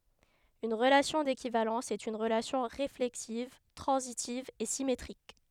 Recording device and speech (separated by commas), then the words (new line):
headset microphone, read sentence
Une relation d'équivalence est une relation réflexive, transitive et symétrique.